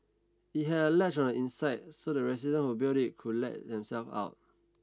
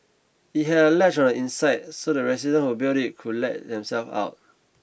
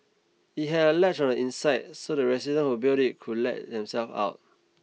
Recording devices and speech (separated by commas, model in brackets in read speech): standing microphone (AKG C214), boundary microphone (BM630), mobile phone (iPhone 6), read sentence